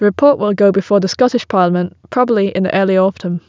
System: none